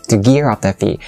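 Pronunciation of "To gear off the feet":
In 'gear off the feet', the word 'gear' is stressed.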